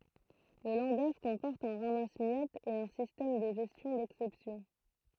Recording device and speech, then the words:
throat microphone, read sentence
Le langage comporte un ramasse-miettes et un système de gestion d'exceptions.

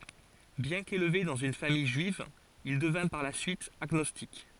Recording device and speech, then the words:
forehead accelerometer, read sentence
Bien qu'élevé dans une famille juive, il devint par la suite agnostique.

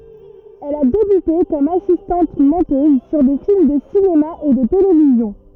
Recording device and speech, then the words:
rigid in-ear microphone, read sentence
Elle a débuté comme assistante-monteuse sur des films de cinéma et de télévision.

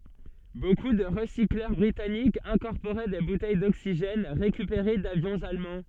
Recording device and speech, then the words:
soft in-ear microphone, read sentence
Beaucoup de recycleurs britanniques incorporaient des bouteilles d'oxygène récupérées d'avions allemands.

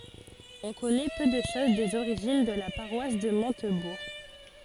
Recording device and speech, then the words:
forehead accelerometer, read sentence
On connaît peu de choses des origines de la paroisse de Montebourg.

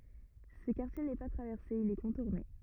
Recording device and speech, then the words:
rigid in-ear microphone, read sentence
Ce quartier n’est pas traversé, il est contourné.

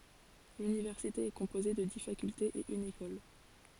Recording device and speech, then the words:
forehead accelerometer, read sentence
L'université est composée de dix facultés et une école.

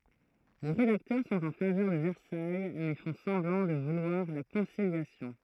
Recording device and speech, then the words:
throat microphone, read sentence
Les rédacteurs sont en faveur de Versailles mais font semblant de vouloir la conciliation.

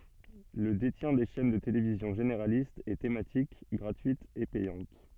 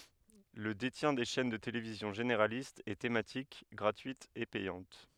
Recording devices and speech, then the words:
soft in-ear microphone, headset microphone, read sentence
Le détient des chaînes de télévision généralistes et thématiques, gratuites et payantes.

